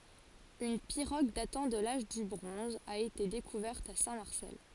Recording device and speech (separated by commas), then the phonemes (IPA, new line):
forehead accelerometer, read sentence
yn piʁoɡ datɑ̃ də laʒ dy bʁɔ̃z a ete dekuvɛʁt a sɛ̃tmaʁsɛl